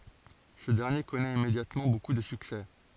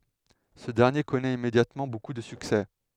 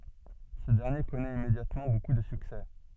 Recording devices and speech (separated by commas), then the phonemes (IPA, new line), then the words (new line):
forehead accelerometer, headset microphone, soft in-ear microphone, read sentence
sə dɛʁnje kɔnɛt immedjatmɑ̃ boku də syksɛ
Ce dernier connaît immédiatement beaucoup de succès.